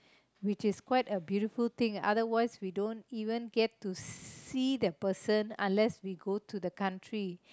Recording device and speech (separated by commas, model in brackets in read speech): close-talking microphone, conversation in the same room